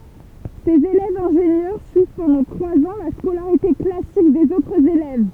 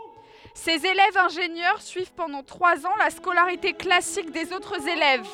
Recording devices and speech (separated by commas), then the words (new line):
temple vibration pickup, headset microphone, read sentence
Ces élèves ingénieurs suivent pendant trois ans la scolarité classique des autres élèves.